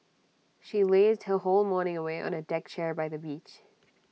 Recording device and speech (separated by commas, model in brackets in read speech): mobile phone (iPhone 6), read sentence